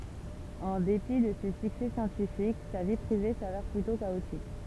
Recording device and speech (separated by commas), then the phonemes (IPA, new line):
temple vibration pickup, read sentence
ɑ̃ depi də se syksɛ sjɑ̃tifik sa vi pʁive savɛʁ plytɔ̃ kaotik